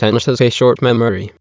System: TTS, waveform concatenation